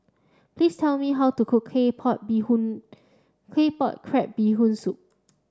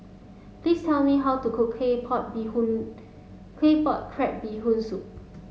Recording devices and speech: standing microphone (AKG C214), mobile phone (Samsung S8), read sentence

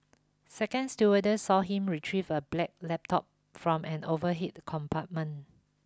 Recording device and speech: close-talking microphone (WH20), read sentence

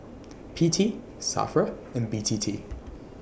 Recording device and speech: boundary microphone (BM630), read sentence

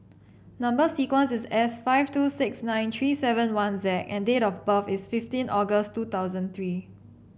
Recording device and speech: boundary microphone (BM630), read sentence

